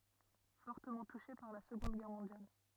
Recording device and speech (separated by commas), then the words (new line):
rigid in-ear microphone, read sentence
Fortement touchée par la Seconde Guerre mondiale.